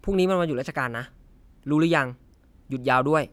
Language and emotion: Thai, neutral